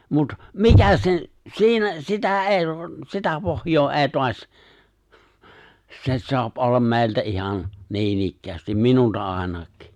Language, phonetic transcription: Finnish, mut , "mikä se̬n , 'siinä , 'sitä '’èi , 'sitä pohjoo '’è̬i 'toaś , se̬ 'soap '’ollam mè̬i̬ltä '’ihan , 'niinikkäästim , "minulta '’àinak̀ɪ .
- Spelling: mutta mikä sen siinä sitä ei sitä pohjaa ei taas se saa olla meiltä ihan niinikään minulta ainakin

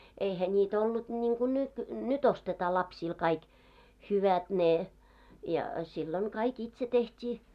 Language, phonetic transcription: Finnish, 'eihä ńiitä ollut ńiiŋɢu 'nyt , 'ny't ‿ostetaa lspsiil kaik , "hyvät ne , ja , sillon̳§ 'kaik "itse 'teht́ii .
- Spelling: eihän niitä ollut niin kuin nyt nyt ostetaan lapsille kaikki hyvät ne ja silloin kaikki itse tehtiin

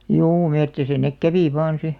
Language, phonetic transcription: Finnish, juu 'mettisä nek "kävì vaan̬ 'si .
- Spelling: juu metsissä ne kävi vain sitten

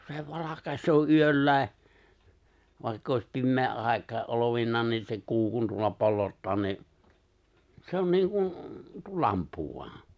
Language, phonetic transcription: Finnish, 'se 'valakaśoo 'yöllä̀e , vài̬kk ‿òis 'pimmee '’ài̬kae’ '’olovinnaan niin se 'kuu kun tuolla 'pollottaa nii’ , 'se on 'niiŋ kun̬ , tuo 'lamppu voan̬ .
- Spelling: se valaisee yölläkin vaikka olisi pimeä aikakin olevinaan niin se kuu kun tuolla pollottaa niin se on niin kuin tuo lamppu vain

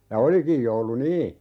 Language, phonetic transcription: Finnish, ja "olikij joulu "nii !
- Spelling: ja olikin joulu niin

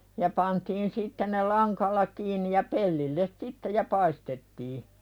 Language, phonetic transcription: Finnish, ja pantiin 'sitte ne "laŋkalla kiiǹi ja 'pellilles 'sitte ja 'paistettii .
- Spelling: ja pantiin sitten ne langalla kiinni ja pellille sitten ja paistettiin

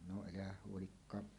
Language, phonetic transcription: Finnish, no elähäh huolikkaa .
- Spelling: no elähän huolikaan

